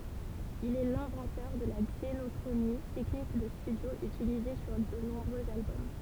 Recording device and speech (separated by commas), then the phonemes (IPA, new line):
temple vibration pickup, read sentence
il ɛ lɛ̃vɑ̃tœʁ də la ɡzenɔkʁoni tɛknik də stydjo ytilize syʁ də nɔ̃bʁøz albɔm